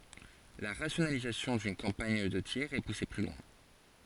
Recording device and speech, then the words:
forehead accelerometer, read sentence
La rationalisation d'une campagne de tir est poussée plus loin.

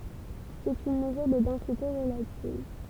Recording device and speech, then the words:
temple vibration pickup, read sentence
C'est une mesure de densité relative.

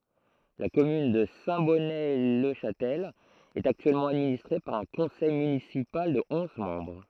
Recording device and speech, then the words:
throat microphone, read sentence
La commune de Saint-Bonnet-le-Chastel est actuellement administrée par un conseil municipal de onze membres.

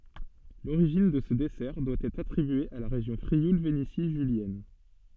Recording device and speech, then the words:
soft in-ear microphone, read sentence
L'origine de ce dessert doit être attribuée à la région Frioul-Vénétie julienne.

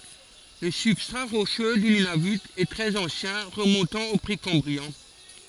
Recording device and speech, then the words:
forehead accelerometer, read sentence
Le substrat rocheux du Nunavut est très ancien, remontant au précambrien.

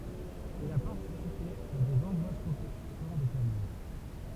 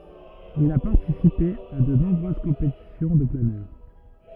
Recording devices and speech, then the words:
temple vibration pickup, rigid in-ear microphone, read sentence
Il a participé à de nombreuses compétitions de planeur.

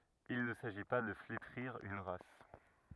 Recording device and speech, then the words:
rigid in-ear microphone, read sentence
Il ne s'agit pas de flétrir une race.

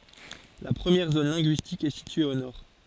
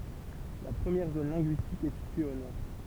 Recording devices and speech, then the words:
forehead accelerometer, temple vibration pickup, read sentence
La première zone linguistique est située au nord.

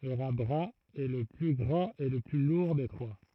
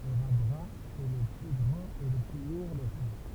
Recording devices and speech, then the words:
throat microphone, temple vibration pickup, read sentence
Le rat brun est le plus grand et le plus lourd des trois.

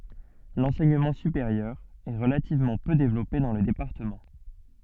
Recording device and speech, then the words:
soft in-ear microphone, read sentence
L'enseignement supérieur est relativement peu développé dans le département.

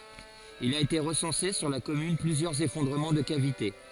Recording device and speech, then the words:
forehead accelerometer, read sentence
Il a été recensé sur la commune plusieurs effondrements de cavités.

